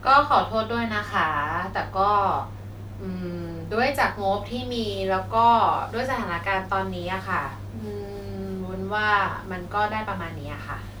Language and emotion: Thai, frustrated